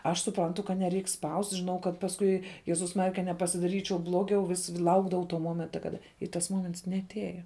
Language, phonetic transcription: Lithuanian, aš suˈprantu kad neˈreik spaust' žiˈnau kad pasˈkui ˈjezus ˈmarija ka nepasidaˈryčiau ˈblogiau ˈvis ˈlaukdavau to ˈmomenta ˈkada i tas ˈmoments neaˈteja

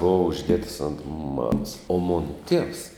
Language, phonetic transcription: Lithuanian, ˈbova užˈdietas ont ˈmamas o ˈmona ˈtievs

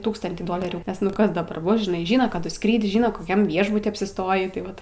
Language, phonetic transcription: Lithuanian, ˈtūkstantį ˈdolerių nes ˈnu ˈkas daˈbar ˈbus žiˈnai ˈžyna ˈkadu ˈskryd' ˈžyna koˈkiam ˈviešbuty apsiˈstojį tai ˈvat

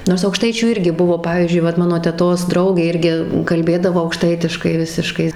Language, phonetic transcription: Lithuanian, ˈnors aukˈštaičių ˈirgi ˈbuvo ˈpavyzdžiui ˈvat ˈmano teˈtos ˈdraugė ˈirgi kalˈbėdavo aukˈštaitiškai ˈvisiškai

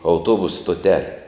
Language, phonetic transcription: Lithuanian, auˈtuobusu stoˈtele

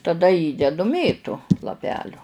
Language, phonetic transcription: Lithuanian, taˈda ˈįdedu ˈmėtu laˈpeliu

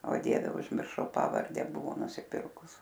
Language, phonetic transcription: Lithuanian, o ˈdieve užmirˈšau ˈpavarde ˈbuvo nusiˈpirkus

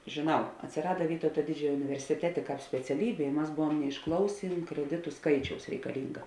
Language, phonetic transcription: Lithuanian, žėˈnau atsiˈrada ˈvytauta ˈdidžiojo universiˈtetė speciaˈlybė i ˈmas ˈbuvuom neišˈklausėn kreˈditu ˈskaičiaus reikaˈlinga

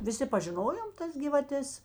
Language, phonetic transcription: Lithuanian, viˈsi pažiˈnojom ˈtas gyvaˈtes

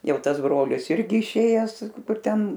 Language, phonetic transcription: Lithuanian, ˈjau ˈtas ˈbrolis ˈirgi išˈėjes ˈkur ˈten

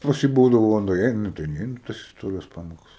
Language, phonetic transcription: Lithuanian, ˈpas jį ˈbūdavo ˈva nuˈeinu ˈnu tai ˈneinu i ˈtas isˈtorijos ˈpamokas

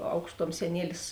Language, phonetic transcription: Lithuanian, ˈaukšˌtuom seˈnielis

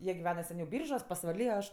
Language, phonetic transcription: Lithuanian, ˈjie giˈvena seˈniau ˈbyržuos pasvaˈly o ˈaš

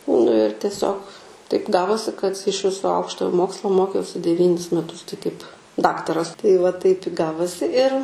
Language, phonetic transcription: Lithuanian, nu ir tieˈsiog taip ˈgavosi kad iš ˈviso ˈaukštojo ˈmokslo ˈmokiausi deˈvynis meˈtus tai kaip ˈdaktaras tai va taip i ˈgavosi ir

